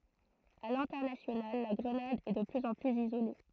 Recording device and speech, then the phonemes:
throat microphone, read sentence
a lɛ̃tɛʁnasjonal la ɡʁənad ɛ də plyz ɑ̃ plyz izole

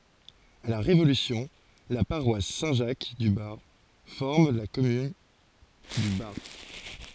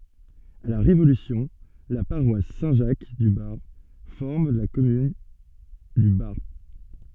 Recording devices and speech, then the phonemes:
forehead accelerometer, soft in-ear microphone, read sentence
a la ʁevolysjɔ̃ la paʁwas sɛ̃ ʒak dy baʁp fɔʁm la kɔmyn dy baʁp

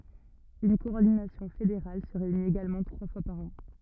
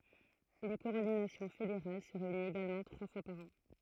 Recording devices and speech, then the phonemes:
rigid in-ear microphone, throat microphone, read sentence
yn kɔɔʁdinasjɔ̃ fedeʁal sə ʁeynit eɡalmɑ̃ tʁwa fwa paʁ ɑ̃

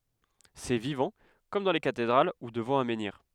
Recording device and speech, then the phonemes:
headset microphone, read sentence
sɛ vivɑ̃ kɔm dɑ̃ le katedʁal u dəvɑ̃ œ̃ mɑ̃niʁ

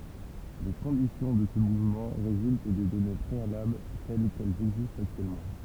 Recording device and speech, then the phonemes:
temple vibration pickup, read sentence
le kɔ̃disjɔ̃ də sə muvmɑ̃ ʁezylt de dɔne pʁealabl tɛl kɛlz ɛɡzistt aktyɛlmɑ̃

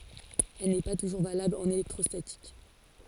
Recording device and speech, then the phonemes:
forehead accelerometer, read sentence
ɛl nɛ pa tuʒuʁ valabl ɑ̃n elɛktʁɔstatik

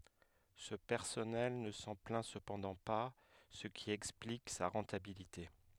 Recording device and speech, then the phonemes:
headset microphone, read sentence
sə pɛʁsɔnɛl nə sɑ̃ plɛ̃ səpɑ̃dɑ̃ pa sə ki ɛksplik sa ʁɑ̃tabilite

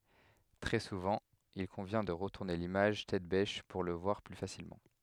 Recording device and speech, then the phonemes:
headset microphone, read sentence
tʁɛ suvɑ̃ il kɔ̃vjɛ̃ də ʁətuʁne limaʒ tɛt bɛʃ puʁ lə vwaʁ ply fasilmɑ̃

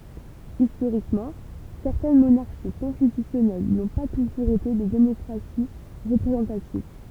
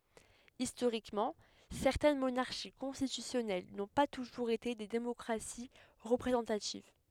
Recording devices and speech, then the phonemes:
temple vibration pickup, headset microphone, read sentence
istoʁikmɑ̃ sɛʁtɛn monaʁʃi kɔ̃stitysjɔnɛl nɔ̃ pa tuʒuʁz ete de demɔkʁasi ʁəpʁezɑ̃tativ

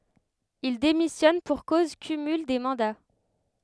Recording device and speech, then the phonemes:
headset microphone, read sentence
il demisjɔn puʁ koz kymyl de mɑ̃da

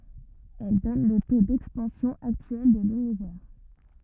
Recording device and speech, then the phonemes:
rigid in-ear microphone, read sentence
ɛl dɔn lə to dɛkspɑ̃sjɔ̃ aktyɛl də lynivɛʁ

